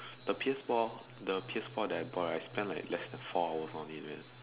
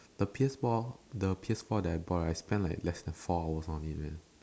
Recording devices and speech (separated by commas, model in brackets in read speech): telephone, standing microphone, conversation in separate rooms